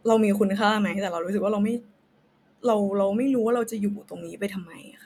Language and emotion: Thai, sad